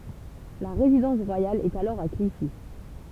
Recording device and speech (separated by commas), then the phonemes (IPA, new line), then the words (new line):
temple vibration pickup, read sentence
la ʁezidɑ̃s ʁwajal ɛt alɔʁ a kliʃi
La résidence royale est alors à Clichy.